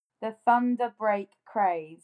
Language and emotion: English, angry